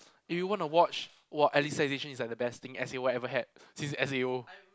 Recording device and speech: close-talking microphone, conversation in the same room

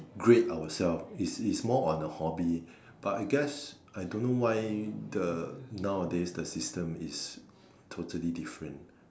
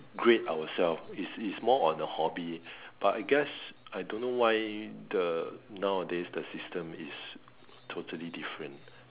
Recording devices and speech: standing microphone, telephone, conversation in separate rooms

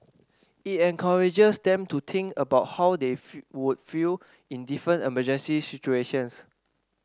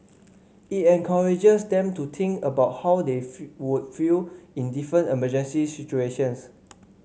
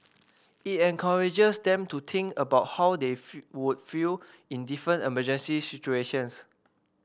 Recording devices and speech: standing microphone (AKG C214), mobile phone (Samsung C5), boundary microphone (BM630), read sentence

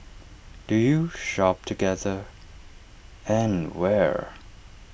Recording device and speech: boundary microphone (BM630), read sentence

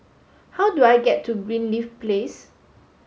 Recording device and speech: mobile phone (Samsung S8), read sentence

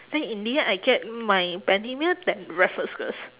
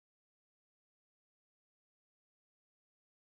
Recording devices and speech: telephone, standing microphone, conversation in separate rooms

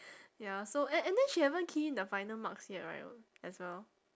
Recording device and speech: standing microphone, conversation in separate rooms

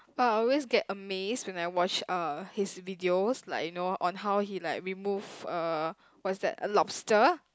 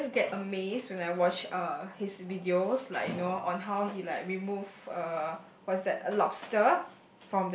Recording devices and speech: close-talking microphone, boundary microphone, conversation in the same room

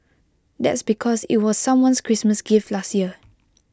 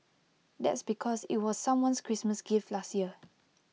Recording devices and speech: close-talking microphone (WH20), mobile phone (iPhone 6), read sentence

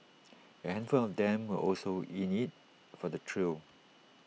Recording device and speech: mobile phone (iPhone 6), read sentence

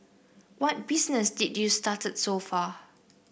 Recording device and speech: boundary microphone (BM630), read sentence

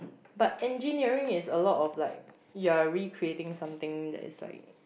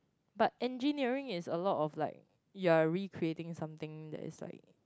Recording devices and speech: boundary microphone, close-talking microphone, conversation in the same room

